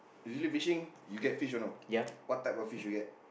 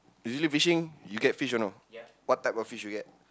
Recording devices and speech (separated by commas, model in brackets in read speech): boundary microphone, close-talking microphone, conversation in the same room